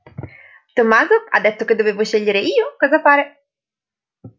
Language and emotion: Italian, happy